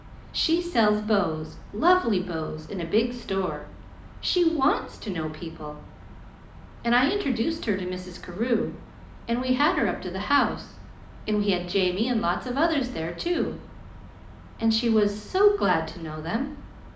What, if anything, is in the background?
Nothing.